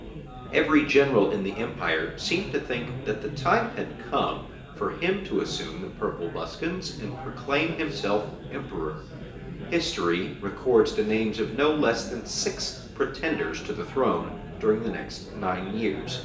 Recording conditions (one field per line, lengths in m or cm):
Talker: one person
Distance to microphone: 1.8 m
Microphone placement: close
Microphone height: 1.0 m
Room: large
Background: babble